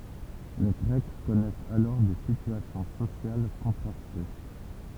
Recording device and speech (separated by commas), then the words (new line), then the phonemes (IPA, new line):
temple vibration pickup, read sentence
Les Grecs connaissaient alors des situations sociales contrastées.
le ɡʁɛk kɔnɛsɛt alɔʁ de sityasjɔ̃ sosjal kɔ̃tʁaste